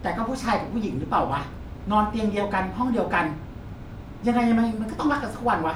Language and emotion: Thai, frustrated